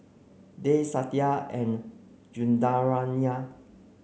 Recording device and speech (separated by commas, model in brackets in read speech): mobile phone (Samsung C9), read sentence